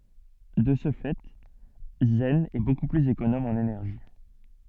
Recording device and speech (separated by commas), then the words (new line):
soft in-ear microphone, read sentence
De ce fait, Zen est beaucoup plus économe en énergie.